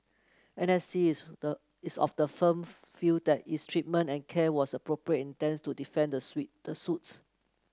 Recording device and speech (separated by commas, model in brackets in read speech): close-talking microphone (WH30), read sentence